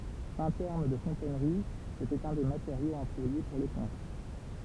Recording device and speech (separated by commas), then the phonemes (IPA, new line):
temple vibration pickup, read sentence
fɛ̃ tɛʁm də fɔ̃tɛnʁi setɛt œ̃ de mateʁjoz ɑ̃plwaje puʁ le pɔ̃p